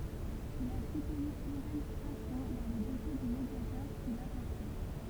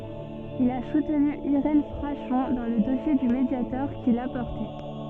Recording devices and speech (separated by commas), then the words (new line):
temple vibration pickup, soft in-ear microphone, read sentence
Il a soutenu Irène Frachon dans le dossier du Mediator qu'il a porté.